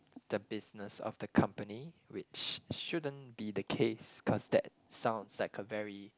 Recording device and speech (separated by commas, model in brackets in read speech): close-talking microphone, conversation in the same room